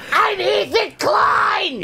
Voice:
yelling in a grotesque voice